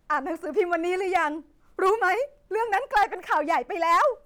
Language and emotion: Thai, sad